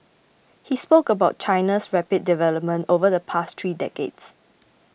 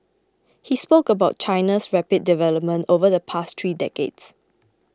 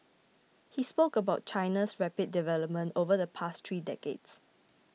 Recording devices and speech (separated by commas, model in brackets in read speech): boundary microphone (BM630), close-talking microphone (WH20), mobile phone (iPhone 6), read sentence